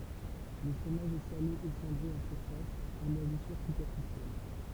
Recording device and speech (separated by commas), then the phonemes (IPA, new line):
temple vibration pickup, read sentence
lə fʁomaʒ ɛ sale e sɑ̃dʁe ɑ̃ syʁfas a mwazisyʁ sypɛʁfisjɛl